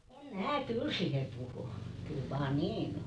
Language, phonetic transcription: Finnish, em 'mää "kyl siihe 'puhu , 'kyl vaa "niin ‿o .
- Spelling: en minä kyllä siihen puhu kyllä vain niin on

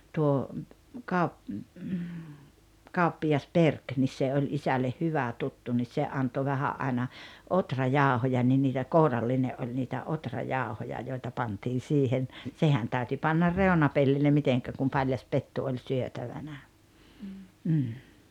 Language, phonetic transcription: Finnish, tuo , kaup- , 'kauppijas "Perk nis 'se oĺ 'isälleh "hyvä 'tuttu nis se 'anto 'vähä’ ’aina , "otrajàohoja ni niitä "kouralline’ ’oĺ niitä 'otrajàohoja joita 'pantiin̬ 'siihen , 'sehän tä̀yty 'pannar "reona-pellille 'miteŋkä kum 'paĺjas "pettu oĺ 'syötävänä , m̥m̥ .
- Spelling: tuo - kauppias Berg niin se oli isälle hyvä tuttu niin se antoi vähän aina ohrajauhoja niin niitä kourallinen oli niitä ohrajauhoja joita pantiin siihen sehän täytyi panna reunapellille miten kun paljas pettu oli syötävänä mm

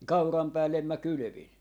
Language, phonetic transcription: Finnish, 'kauram 'päällem mä "kylʸvin .
- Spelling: kauran päälle minä kylvin

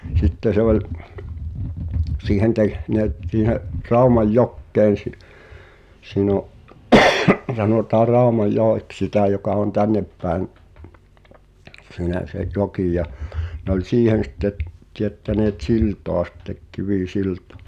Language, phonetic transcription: Finnish, 'sitte se oĺ , "siihen 'tehneet siihe’ , 'Raumaj'jokkeen̬ si- , siin ‿o’ , sanòtaa "Ràomaj̆'joek[s] sitä̀ joka on 'tänneppä̀en , sìnä’ se’ 'jokì ja , nᵉ ‿oĺ 'siihen̬ sitte , tiettäneet "siltoa sⁱttek 'kivì"siltᴏ[a] .
- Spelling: sitten se oli siihen tehneet siihen Raumanjokeen - siinä on sanotaan Raumanjoeksi sitä joka on tännepäin sinä se joki ja no oli siihen sitten teettäneet siltaa sitten kivisiltaa

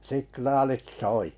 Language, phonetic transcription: Finnish, 'siknaalit "soi .
- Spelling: signaalit soi

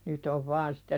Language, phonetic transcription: Finnish, nyt ‿ov 'vaan sɪtte "sähköruunut .
- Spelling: nyt on vain sitten sähkökruunut

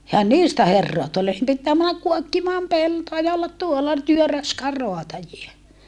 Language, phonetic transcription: Finnish, ehän niistä herroa tule ei pittää männäk kuokkimaam peltoa ja ollat tuolla , työ raskaar roatajie .
- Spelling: eihän niistä herraa tule ei pitää mennä kuokkimaan peltoa ja olla tuolla työn raskaan raatajia

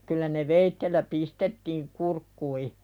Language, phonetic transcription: Finnish, kyllä ne 'veittellä "pistettiiŋ 'kurkkui .
- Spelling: kyllä ne veitsellä pistettiin kurkkuihin

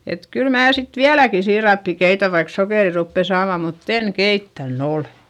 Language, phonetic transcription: Finnish, et kyl mää sit viäläki siirappi keitä vaik sokèri ruppe saama mutt ‿en keittän ‿olE !
- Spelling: että kyllä minä sitten vieläkin siirappia keitän vaikka sokeria rupeaa saamaan mutta en keittänyt ole

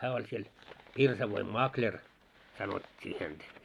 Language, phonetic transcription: Finnish, 'hää oĺ siel , 'pirsavoim "makĺer , sanot́t́ii häntä .
- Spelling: hän oli siellä pirsavoin makleri sanottiin häntä

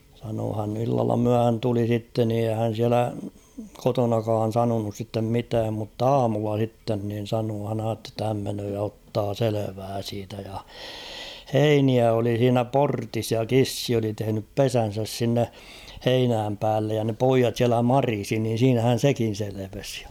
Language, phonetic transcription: Finnish, sanoo hän ‿illalla 'myähän tuli sitten ni eihä hän̬ 'siälä , "kotonakaan̬ 'sanonus sittem 'mitääm mutt ‿"aamulla sitten nin̬ 'sanoo hän ‿aatte ‿tta häm menöö ja 'ottaa 'selevää siitä ja , "heiniä oli h̬iinä "portis ja "kissi oli tehᵉnyp "pesän̬säs sinne , 'heinääm päällej ja ne "poijat siälä "marisi niin̬ siinähän̬ 'sekin̬ seleves ᴊᴀ .
- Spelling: sanoi hän illalla myöhään tuli sitten niin eihän hän siellä kotonakaan sanonut sitten mitään mutta aamulla sitten niin sanoi hän ajatteli jotta hän menee ja ottaa selvää siitä ja heiniä oli siinä portissa ja kissa oli tehnyt pesänsä sinne heinän päälle ja ne pojat siellä marisi niin siinähän sekin selvisi ja

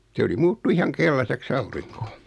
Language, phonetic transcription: Finnish, 'se oli 'muuttu 'ihaŋ "kellasek's ‿auriŋko .
- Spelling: se oli muuttui ihan keltaiseksi aurinko

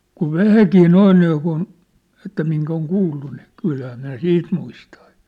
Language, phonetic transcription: Finnish, kuv "vähäkii "noin niikun , että miŋk ‿oŋ 'kuullu ni , 'kylhää nää "siit muistᴀᴀ .
- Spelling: kun vähänkin noin niin kuin että minkä on kuullut niin kyllähän nämä siitä muistaa

